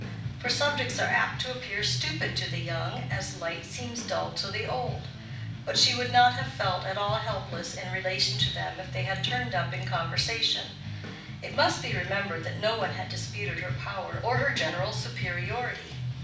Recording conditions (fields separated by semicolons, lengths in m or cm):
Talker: one person; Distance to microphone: 5.8 m; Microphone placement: far; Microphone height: 1.8 m; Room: medium-sized (5.7 m by 4.0 m); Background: music